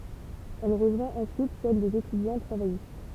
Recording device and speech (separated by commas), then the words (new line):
temple vibration pickup, read sentence
Elle rejoint ensuite celle des étudiants travaillistes.